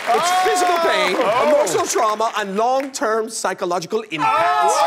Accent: High-pitched British accent